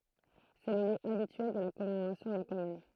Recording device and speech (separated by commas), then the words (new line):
throat microphone, read sentence
C'est le lieu habituel de la commémoration de la Commune.